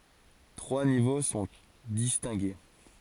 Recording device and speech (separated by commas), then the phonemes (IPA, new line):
forehead accelerometer, read sentence
tʁwa nivo sɔ̃ distɛ̃ɡe